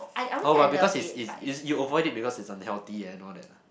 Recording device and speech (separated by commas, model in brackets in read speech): boundary microphone, conversation in the same room